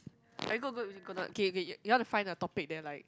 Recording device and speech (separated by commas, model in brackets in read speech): close-talking microphone, conversation in the same room